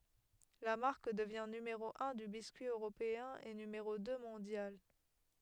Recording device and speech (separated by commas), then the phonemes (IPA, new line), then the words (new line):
headset microphone, read sentence
la maʁk dəvjɛ̃ nymeʁo œ̃ dy biskyi øʁopeɛ̃ e nymeʁo dø mɔ̃djal
La marque devient numéro un du biscuit européen et numéro deux mondial.